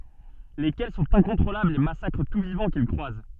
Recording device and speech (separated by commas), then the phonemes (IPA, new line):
soft in-ear microphone, read sentence
lekɛl sɔ̃t ɛ̃kɔ̃tʁolablz e masakʁ tu vivɑ̃ kil kʁwaz